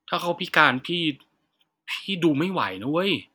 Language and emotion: Thai, frustrated